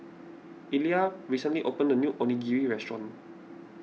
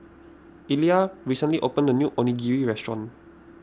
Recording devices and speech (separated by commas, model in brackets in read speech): mobile phone (iPhone 6), standing microphone (AKG C214), read sentence